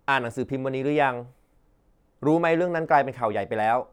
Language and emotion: Thai, neutral